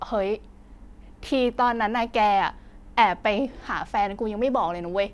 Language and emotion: Thai, frustrated